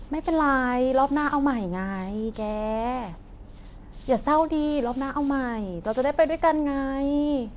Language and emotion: Thai, frustrated